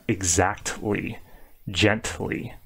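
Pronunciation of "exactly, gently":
In 'exactly' and 'gently', the T sound is strong and does not blend into the L. The T is over-exaggerated here.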